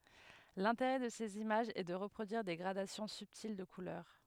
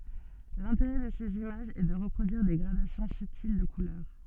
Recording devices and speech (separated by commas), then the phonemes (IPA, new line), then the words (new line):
headset microphone, soft in-ear microphone, read sentence
lɛ̃teʁɛ də sez imaʒz ɛ də ʁəpʁodyiʁ de ɡʁadasjɔ̃ sybtil də kulœʁ
L’intérêt de ces images est de reproduire des gradations subtiles de couleurs.